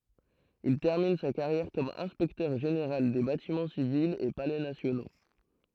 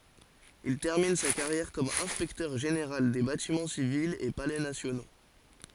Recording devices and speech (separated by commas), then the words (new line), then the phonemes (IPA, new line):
throat microphone, forehead accelerometer, read sentence
Il termine sa carrière comme inspecteur-général des Bâtiments civils et Palais nationaux.
il tɛʁmin sa kaʁjɛʁ kɔm ɛ̃spɛktœʁ ʒeneʁal de batimɑ̃ sivilz e palɛ nasjono